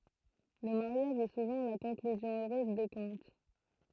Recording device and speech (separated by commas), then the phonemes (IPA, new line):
throat microphone, read sentence
lə maʁjaʒ ɛ suvɑ̃ la kɔ̃klyzjɔ̃ øʁøz de kɔ̃t